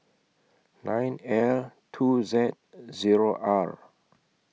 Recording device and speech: mobile phone (iPhone 6), read sentence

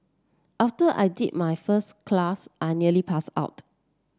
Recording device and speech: standing microphone (AKG C214), read sentence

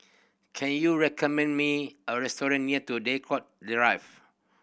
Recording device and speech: boundary microphone (BM630), read sentence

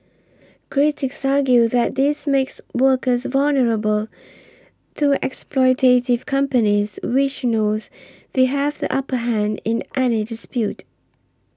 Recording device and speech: standing microphone (AKG C214), read sentence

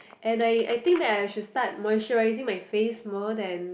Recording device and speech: boundary microphone, conversation in the same room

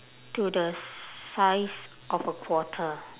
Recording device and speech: telephone, conversation in separate rooms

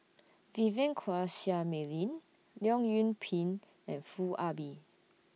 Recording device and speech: mobile phone (iPhone 6), read sentence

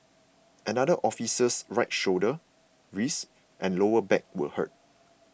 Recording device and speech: boundary microphone (BM630), read sentence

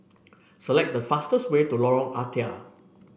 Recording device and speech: boundary microphone (BM630), read sentence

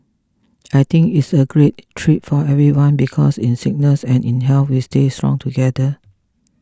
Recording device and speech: close-talking microphone (WH20), read sentence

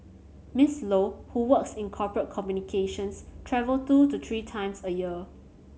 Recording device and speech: mobile phone (Samsung C7100), read sentence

